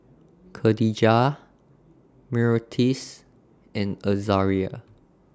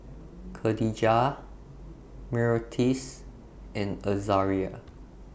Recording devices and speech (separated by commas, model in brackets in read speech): standing microphone (AKG C214), boundary microphone (BM630), read sentence